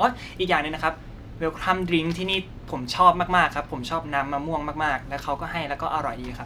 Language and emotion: Thai, happy